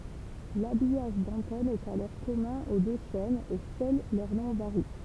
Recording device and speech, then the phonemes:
temple vibration pickup, read sentence
labijaʒ dɑ̃tɛn ɛt alɔʁ kɔmœ̃ o dø ʃɛnz e sœl lœʁ nɔ̃ vaʁi

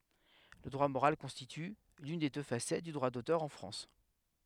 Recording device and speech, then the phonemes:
headset microphone, read sentence
lə dʁwa moʁal kɔ̃stity lyn de dø fasɛt dy dʁwa dotœʁ ɑ̃ fʁɑ̃s

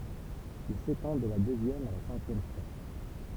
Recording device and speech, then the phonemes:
temple vibration pickup, read sentence
il setɑ̃ də la døzjɛm a la sɛ̃kjɛm stʁof

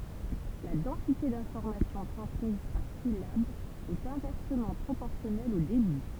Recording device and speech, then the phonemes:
temple vibration pickup, read sentence
la dɑ̃site dɛ̃fɔʁmasjɔ̃ tʁɑ̃smiz paʁ silab ɛt ɛ̃vɛʁsəmɑ̃ pʁopɔʁsjɔnɛl o debi

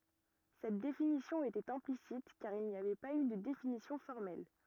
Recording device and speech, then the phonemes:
rigid in-ear microphone, read sentence
sɛt definisjɔ̃ etɛt ɛ̃plisit kaʁ il ni avɛ paz y də definisjɔ̃ fɔʁmɛl

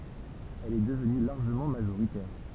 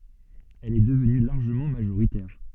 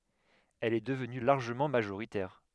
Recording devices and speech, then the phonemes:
temple vibration pickup, soft in-ear microphone, headset microphone, read sentence
ɛl ɛ dəvny laʁʒəmɑ̃ maʒoʁitɛʁ

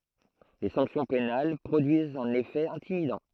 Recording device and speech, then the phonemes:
throat microphone, read sentence
le sɑ̃ksjɔ̃ penal pʁodyizt œ̃n efɛ ɛ̃timidɑ̃

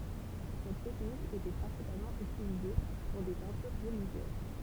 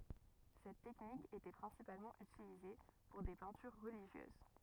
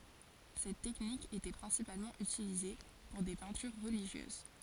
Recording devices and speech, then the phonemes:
temple vibration pickup, rigid in-ear microphone, forehead accelerometer, read sentence
sɛt tɛknik etɛ pʁɛ̃sipalmɑ̃ ytilize puʁ de pɛ̃tyʁ ʁəliʒjøz

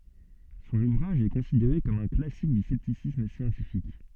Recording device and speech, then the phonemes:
soft in-ear microphone, read sentence
sɔ̃n uvʁaʒ ɛ kɔ̃sideʁe kɔm œ̃ klasik dy sɛptisism sjɑ̃tifik

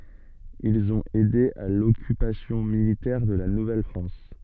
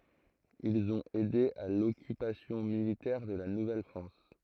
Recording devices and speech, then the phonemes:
soft in-ear microphone, throat microphone, read sentence
ilz ɔ̃t ɛde a lɔkypasjɔ̃ militɛʁ də la nuvɛlfʁɑ̃s

